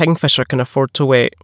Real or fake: real